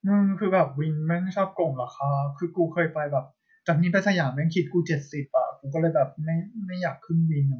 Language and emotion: Thai, frustrated